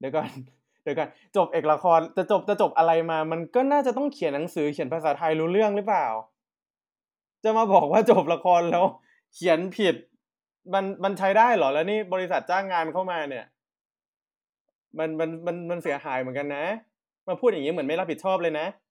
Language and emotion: Thai, frustrated